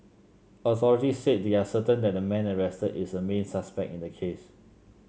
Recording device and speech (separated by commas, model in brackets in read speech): mobile phone (Samsung C7), read sentence